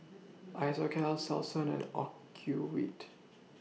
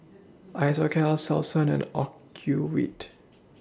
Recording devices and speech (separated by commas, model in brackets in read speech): mobile phone (iPhone 6), standing microphone (AKG C214), read sentence